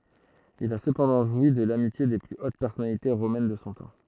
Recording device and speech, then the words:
throat microphone, read sentence
Il a cependant joui de l'amitié des plus hautes personnalités romaines de son temps.

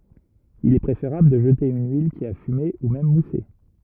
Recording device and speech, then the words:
rigid in-ear microphone, read sentence
Il est préférable de jeter une huile qui a fumé, ou même moussé.

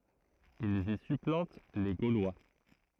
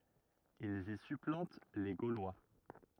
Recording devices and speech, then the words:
throat microphone, rigid in-ear microphone, read sentence
Ils y supplantent les Gaulois.

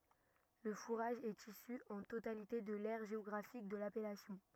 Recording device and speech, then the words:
rigid in-ear microphone, read sentence
Le fourrage est issu en totalité de l’aire géographique de l’appellation.

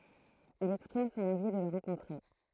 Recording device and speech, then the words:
throat microphone, read sentence
Il exprime son envie de le rencontrer.

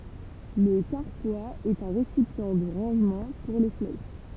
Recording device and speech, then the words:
temple vibration pickup, read sentence
Le carquois est un récipient de rangement pour les flèches.

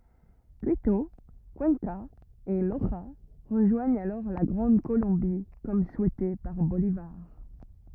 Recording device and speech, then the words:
rigid in-ear microphone, read sentence
Quito, Cuenca et Loja rejoignent alors la Grande Colombie comme souhaité par Bolívar.

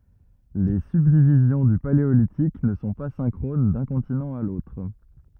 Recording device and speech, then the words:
rigid in-ear microphone, read sentence
Les subdivisions du Paléolithique ne sont pas synchrones d'un continent à l'autre.

